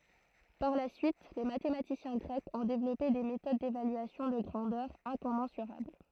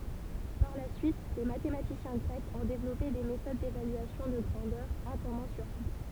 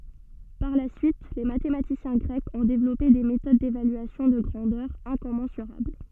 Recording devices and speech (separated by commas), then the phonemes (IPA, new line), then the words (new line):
throat microphone, temple vibration pickup, soft in-ear microphone, read sentence
paʁ la syit le matematisjɛ̃ ɡʁɛkz ɔ̃ devlɔpe de metod devalyasjɔ̃ də ɡʁɑ̃dœʁz ɛ̃kɔmɑ̃syʁabl
Par la suite, les mathématiciens grecs ont développé des méthodes d'évaluation de grandeurs incommensurables.